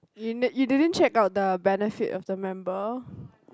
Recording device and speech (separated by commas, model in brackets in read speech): close-talking microphone, conversation in the same room